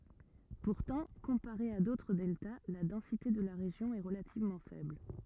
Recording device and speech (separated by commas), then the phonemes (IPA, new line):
rigid in-ear microphone, read sentence
puʁtɑ̃ kɔ̃paʁe a dotʁ dɛlta la dɑ̃site də la ʁeʒjɔ̃ ɛ ʁəlativmɑ̃ fɛbl